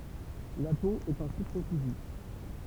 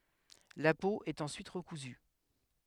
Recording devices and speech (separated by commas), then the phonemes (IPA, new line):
temple vibration pickup, headset microphone, read sentence
la po ɛt ɑ̃syit ʁəkuzy